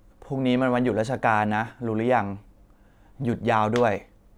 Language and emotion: Thai, neutral